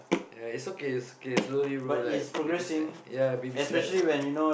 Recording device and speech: boundary microphone, conversation in the same room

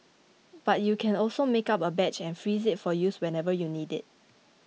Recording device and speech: mobile phone (iPhone 6), read sentence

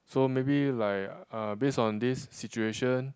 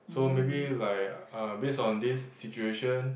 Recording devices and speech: close-talking microphone, boundary microphone, conversation in the same room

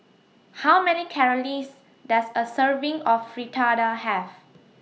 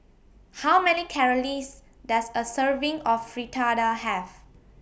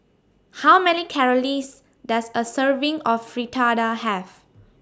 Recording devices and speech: mobile phone (iPhone 6), boundary microphone (BM630), standing microphone (AKG C214), read sentence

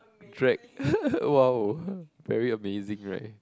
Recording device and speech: close-talking microphone, conversation in the same room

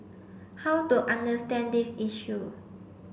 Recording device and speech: boundary microphone (BM630), read sentence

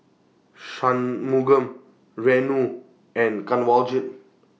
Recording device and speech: mobile phone (iPhone 6), read sentence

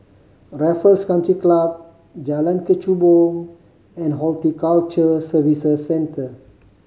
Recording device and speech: mobile phone (Samsung C5010), read sentence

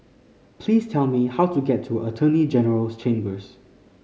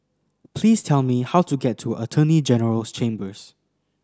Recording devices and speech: mobile phone (Samsung C5010), standing microphone (AKG C214), read sentence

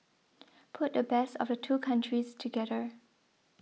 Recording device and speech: mobile phone (iPhone 6), read sentence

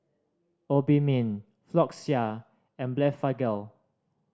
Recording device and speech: standing microphone (AKG C214), read sentence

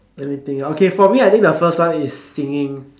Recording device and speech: standing microphone, conversation in separate rooms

